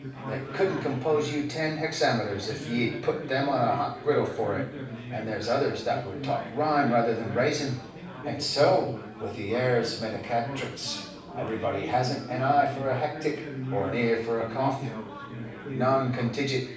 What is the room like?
A moderately sized room (about 5.7 m by 4.0 m).